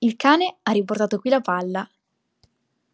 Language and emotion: Italian, happy